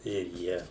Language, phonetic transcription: Lithuanian, ir ˈjie

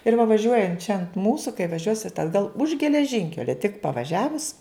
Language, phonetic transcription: Lithuanian, ir va vaˈžiuojant čia ant ˈmūsu kai vaˈžiuosit atˈgal už geleˈžinkelia tik pavaˈžiavus

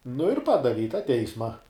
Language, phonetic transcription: Lithuanian, nu ir ˈpadavi i tą ˈteisma

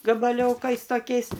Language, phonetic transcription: Lithuanian, gabaˈliokais toˈkiais

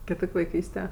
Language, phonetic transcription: Lithuanian, kiˈtok' vaiˈkyste

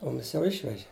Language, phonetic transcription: Lithuanian, ˈmumis jau ˈišveži

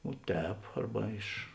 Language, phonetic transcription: Lithuanian, o ˈtēp ˈarba iš

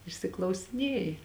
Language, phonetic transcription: Lithuanian, išsiklausiˈnėji

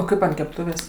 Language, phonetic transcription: Lithuanian, o ˈkaip ant kepˈtuvės'

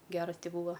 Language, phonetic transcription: Lithuanian, ˈgeras ˈti ˈbūva

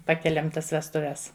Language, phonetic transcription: Lithuanian, ˈpakeliam ˈtas vestuˈves

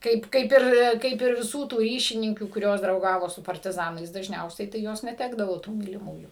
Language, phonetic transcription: Lithuanian, ˈkaip ˈkaip ir ˈkaip ir viˈsų tų ˈryšininkių kuˈrios drauˈgavo su partiˈzanais dažˈniausiai tai ˈjos neˈtekdavo tų myliˈmųjų

